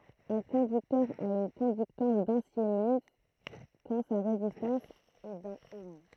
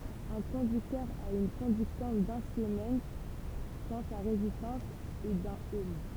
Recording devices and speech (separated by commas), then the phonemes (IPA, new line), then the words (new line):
throat microphone, temple vibration pickup, read sentence
œ̃ kɔ̃dyktœʁ a yn kɔ̃dyktɑ̃s dœ̃ simɛn kɑ̃ sa ʁezistɑ̃s ɛ dœ̃n ɔm
Un conducteur a une conductance d’un siemens quand sa résistance est d'un ohm.